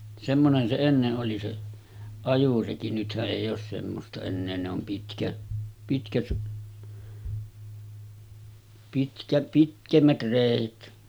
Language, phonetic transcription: Finnish, semmonen se 'enne’ ’oli se , 'ajureki nythä’ '’èij̆j ‿oos semmosta ennee ne om pitkä- , pitkät , pitkä 'pitkemmät 'rèit .
- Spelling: semmoinen se ennen oli se ajoreki nythän ei ole semmoista enää ne on - pitkät pitkä pitemmät reet

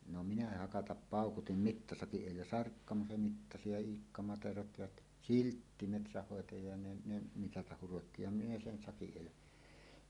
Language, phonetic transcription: Finnish, no minä 'hakatap "pàukutim "mittasakiˀ 'ˀèillä "Sarkkama se mittasi ja "Iikka 'Materot jat , "Siltti 'metsähhòetaja ja 'ne , 'ne "mitatah 'hurotti ja minä sen 'sakiˀ 'ˀèillä .
- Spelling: no minä hakata paukutin mittasakin edellä Sarkkama se mittasi ja Iikka Materot ja Siltti metsänhoitaja ja ne ne mitata hurotti ja minä sen sakin edellä

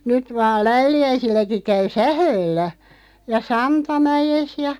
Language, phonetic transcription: Finnish, 'nyt vaal 'Läyli₍äisilläki 'käy "sähööllä , ja 'Santamäjes ja ,.
- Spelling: nyt vain Läyliäisilläkin käy sähköllä ja Santamäessä ja

